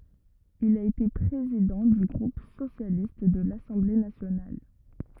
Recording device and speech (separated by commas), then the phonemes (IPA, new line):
rigid in-ear microphone, read sentence
il a ete pʁezidɑ̃ dy ɡʁup sosjalist də lasɑ̃ble nasjonal